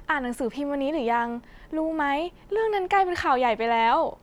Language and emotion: Thai, neutral